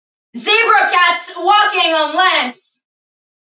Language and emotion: English, neutral